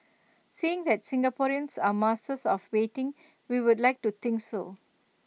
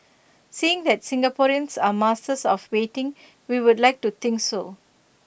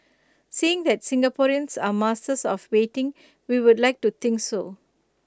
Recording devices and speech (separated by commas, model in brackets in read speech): mobile phone (iPhone 6), boundary microphone (BM630), close-talking microphone (WH20), read sentence